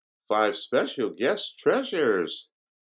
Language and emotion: English, happy